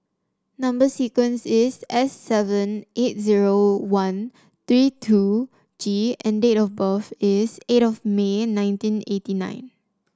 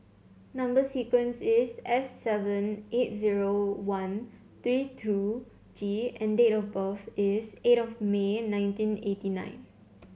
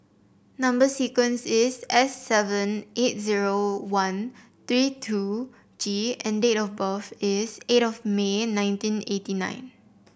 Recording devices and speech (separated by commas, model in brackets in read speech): standing microphone (AKG C214), mobile phone (Samsung C7), boundary microphone (BM630), read sentence